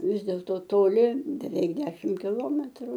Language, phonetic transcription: Lithuanian, ˈvis dėlto toˈli beˈveik ˈdešim kiˈlometru

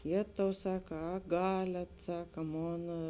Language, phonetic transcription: Lithuanian, ˈjėtau ˈsaka a ˈgaliat ˈsaka ˈmon

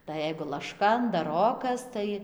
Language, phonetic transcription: Lithuanian, tai ˈjeigu lašˈka andaˈrokas ˈtai

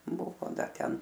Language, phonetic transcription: Lithuanian, ˈbuvo ˈdar ˈten

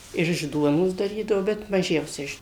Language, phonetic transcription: Lithuanian, ir iš ˈduonos daˈrydavo bet ˈmažiausia ˈiš

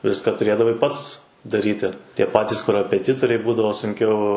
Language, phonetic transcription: Lithuanian, ˈviska tuˈrėdavai ˈpats daˈryti tie ˈpatis korapeˈtitoriai ˈbūdavo sunˈkiau

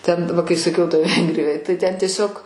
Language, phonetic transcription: Lithuanian, ten ˈva kai saˈkiau toj ˈvengrijoj tai ˈten tieˈsiog

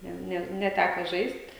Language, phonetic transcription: Lithuanian, ˈne ˈne neˈtæko ˈžaist'

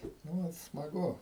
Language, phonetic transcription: Lithuanian, nu ˈvat smaˈgu

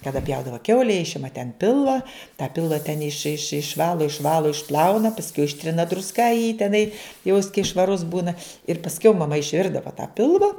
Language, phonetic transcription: Lithuanian, kaˈda ˈpjaudava ˈkiaule ˈišima ten ˈpilva tą ˈpilva ten iš iš išˈvalo išˈvalo išˈplauna pasˈkiau ˈištrina drusˈka jį teˈnai jau jis kai švaˈrus ˈbūna ir pasˈkiau maˈma išˈvirdava tą ˈpilva

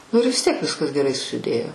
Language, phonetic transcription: Lithuanian, nu ir vis ˈtiek ˈviskas geˈrai susiˈdėjo

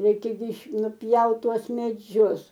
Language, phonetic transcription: Lithuanian, ˈreikia gi nuˈpjaut ˈtuos meˈdžius

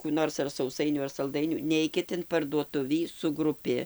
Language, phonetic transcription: Lithuanian, kų ˈnors ar sauˈsainių ar salˈdainių ˈneikit in parduoˈtuvį su gruˈpi

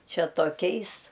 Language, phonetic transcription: Lithuanian, ˈčia toˈkiais

